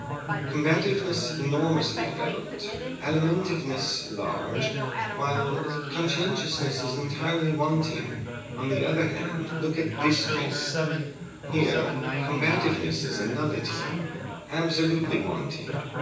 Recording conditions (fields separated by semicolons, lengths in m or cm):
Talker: one person; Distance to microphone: 9.8 m; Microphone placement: far; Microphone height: 1.8 m; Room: large; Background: babble